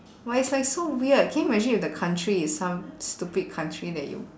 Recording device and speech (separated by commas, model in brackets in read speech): standing microphone, conversation in separate rooms